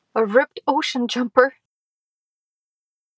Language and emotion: English, fearful